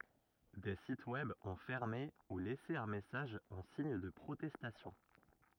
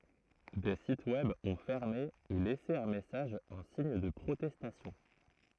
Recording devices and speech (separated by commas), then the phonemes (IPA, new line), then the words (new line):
rigid in-ear microphone, throat microphone, read sentence
deə sitə wɛb ɔ̃ fɛʁme u lɛse œ̃ mɛsaʒ ɑ̃ siɲ də pʁotɛstasjɔ̃
Des sites Web ont fermé ou laissé un message en signe de protestation.